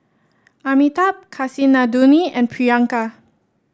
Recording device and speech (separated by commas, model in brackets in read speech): standing microphone (AKG C214), read sentence